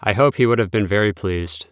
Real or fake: real